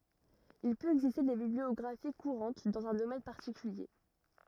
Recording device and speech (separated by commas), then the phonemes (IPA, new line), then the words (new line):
rigid in-ear microphone, read sentence
il pøt ɛɡziste de bibliɔɡʁafi kuʁɑ̃t dɑ̃z œ̃ domɛn paʁtikylje
Il peut exister des bibliographies courantes dans un domaine particulier.